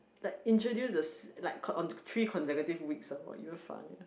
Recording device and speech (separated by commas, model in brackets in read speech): boundary microphone, conversation in the same room